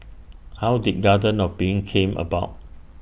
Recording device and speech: boundary microphone (BM630), read sentence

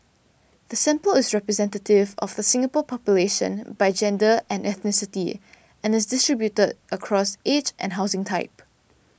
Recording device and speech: boundary microphone (BM630), read sentence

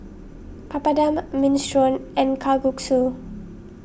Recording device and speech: boundary microphone (BM630), read sentence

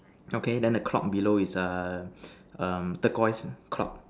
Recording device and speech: standing microphone, conversation in separate rooms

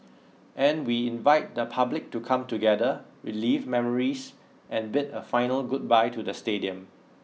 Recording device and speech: mobile phone (iPhone 6), read sentence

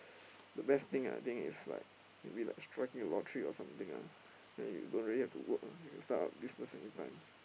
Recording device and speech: boundary microphone, conversation in the same room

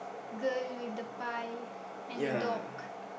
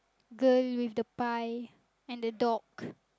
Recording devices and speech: boundary microphone, close-talking microphone, conversation in the same room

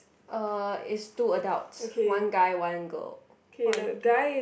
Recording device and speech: boundary microphone, conversation in the same room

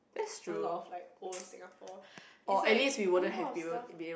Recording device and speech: boundary microphone, conversation in the same room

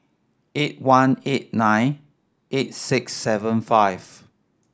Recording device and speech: standing microphone (AKG C214), read sentence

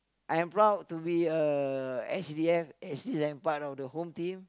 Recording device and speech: close-talking microphone, conversation in the same room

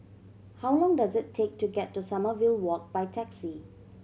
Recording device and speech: mobile phone (Samsung C7100), read sentence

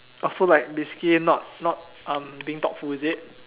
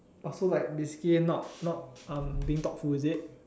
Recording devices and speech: telephone, standing microphone, conversation in separate rooms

